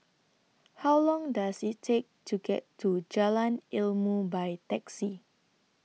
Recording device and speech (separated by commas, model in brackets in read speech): mobile phone (iPhone 6), read sentence